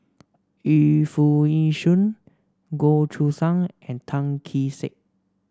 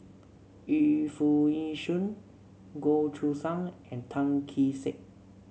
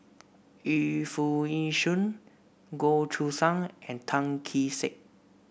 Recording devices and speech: standing microphone (AKG C214), mobile phone (Samsung C7), boundary microphone (BM630), read sentence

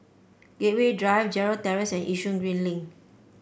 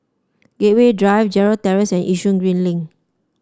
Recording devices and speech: boundary microphone (BM630), standing microphone (AKG C214), read sentence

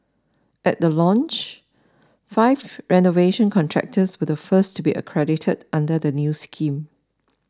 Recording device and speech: standing microphone (AKG C214), read sentence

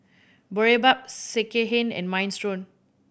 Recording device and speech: boundary microphone (BM630), read sentence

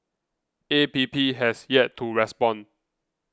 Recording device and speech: close-talking microphone (WH20), read sentence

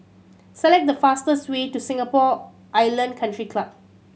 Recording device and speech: mobile phone (Samsung C7100), read sentence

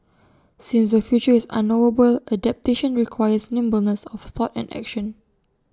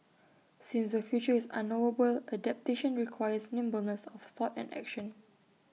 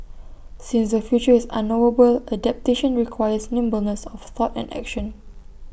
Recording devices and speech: standing microphone (AKG C214), mobile phone (iPhone 6), boundary microphone (BM630), read sentence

